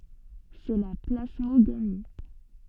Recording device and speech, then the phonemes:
soft in-ear microphone, read sentence
sɛ la plasmoɡami

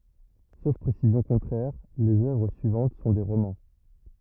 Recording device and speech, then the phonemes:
rigid in-ear microphone, read sentence
sof pʁesizjɔ̃ kɔ̃tʁɛʁ lez œvʁ syivɑ̃t sɔ̃ de ʁomɑ̃

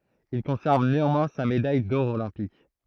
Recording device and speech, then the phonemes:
throat microphone, read sentence
il kɔ̃sɛʁv neɑ̃mwɛ̃ sa medaj dɔʁ olɛ̃pik

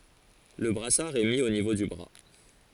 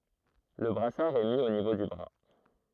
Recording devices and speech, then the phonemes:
forehead accelerometer, throat microphone, read sentence
lə bʁasaʁ ɛ mi o nivo dy bʁa

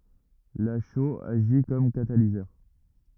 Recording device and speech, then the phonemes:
rigid in-ear microphone, read sentence
la ʃoz aʒi kɔm katalizœʁ

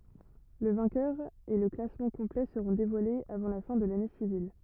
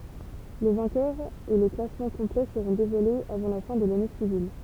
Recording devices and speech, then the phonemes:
rigid in-ear microphone, temple vibration pickup, read sentence
lə vɛ̃kœʁ e lə klasmɑ̃ kɔ̃plɛ səʁɔ̃ devwalez avɑ̃ la fɛ̃ də lane sivil

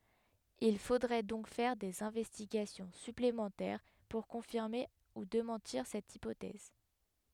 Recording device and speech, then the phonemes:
headset microphone, read sentence
il fodʁɛ dɔ̃k fɛʁ dez ɛ̃vɛstiɡasjɔ̃ syplemɑ̃tɛʁ puʁ kɔ̃fiʁme u demɑ̃tiʁ sɛt ipotɛz

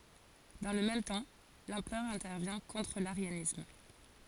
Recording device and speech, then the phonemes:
forehead accelerometer, read sentence
dɑ̃ lə mɛm tɑ̃ lɑ̃pʁœʁ ɛ̃tɛʁvjɛ̃ kɔ̃tʁ laʁjanism

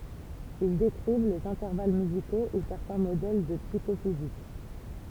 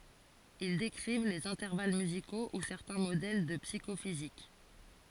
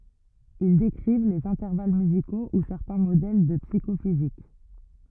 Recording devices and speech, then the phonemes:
temple vibration pickup, forehead accelerometer, rigid in-ear microphone, read sentence
il dekʁiv lez ɛ̃tɛʁval myziko u sɛʁtɛ̃ modɛl də psikofizik

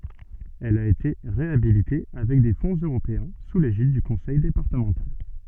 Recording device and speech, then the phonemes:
soft in-ear microphone, read sentence
ɛl a ete ʁeabilite avɛk de fɔ̃z øʁopeɛ̃ su leʒid dy kɔ̃sɛj depaʁtəmɑ̃tal

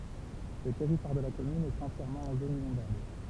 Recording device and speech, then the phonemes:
temple vibration pickup, read sentence
lə tɛʁitwaʁ də la kɔmyn ɛt ɑ̃tjɛʁmɑ̃ ɑ̃ zon inɔ̃dabl

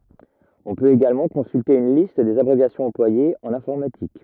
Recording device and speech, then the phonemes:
rigid in-ear microphone, read sentence
ɔ̃ pøt eɡalmɑ̃ kɔ̃sylte yn list dez abʁevjasjɔ̃z ɑ̃plwajez ɑ̃n ɛ̃fɔʁmatik

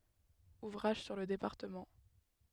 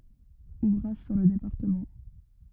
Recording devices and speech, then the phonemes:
headset microphone, rigid in-ear microphone, read sentence
uvʁaʒ syʁ lə depaʁtəmɑ̃

